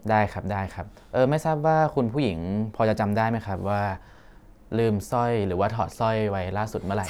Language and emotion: Thai, neutral